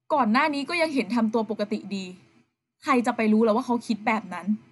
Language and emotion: Thai, frustrated